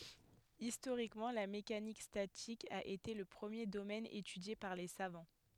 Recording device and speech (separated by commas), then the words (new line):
headset microphone, read sentence
Historiquement, la mécanique statique a été le premier domaine étudié par les savants.